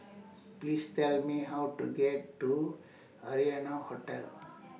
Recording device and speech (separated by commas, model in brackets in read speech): mobile phone (iPhone 6), read sentence